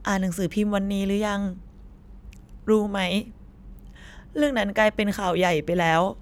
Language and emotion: Thai, sad